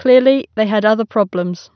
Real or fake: real